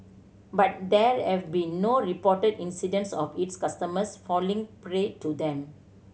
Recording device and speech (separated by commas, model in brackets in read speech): mobile phone (Samsung C7100), read sentence